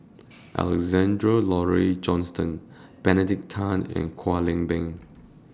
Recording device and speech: standing microphone (AKG C214), read sentence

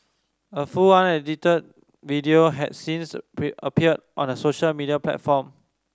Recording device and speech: standing microphone (AKG C214), read sentence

